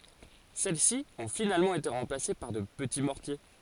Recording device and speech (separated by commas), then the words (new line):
forehead accelerometer, read sentence
Celles-ci ont finalement été remplacées par de petits mortiers.